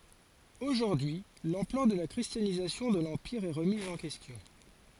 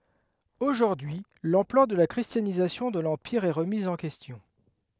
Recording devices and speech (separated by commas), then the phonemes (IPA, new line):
forehead accelerometer, headset microphone, read sentence
oʒuʁdyi y lɑ̃plœʁ də la kʁistjanizasjɔ̃ də lɑ̃piʁ ɛ ʁəmiz ɑ̃ kɛstjɔ̃